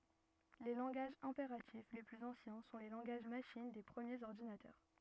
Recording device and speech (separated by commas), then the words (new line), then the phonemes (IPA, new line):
rigid in-ear microphone, read sentence
Les langages impératifs les plus anciens sont les langages machine des premiers ordinateurs.
le lɑ̃ɡaʒz ɛ̃peʁatif le plyz ɑ̃sjɛ̃ sɔ̃ le lɑ̃ɡaʒ maʃin de pʁəmjez ɔʁdinatœʁ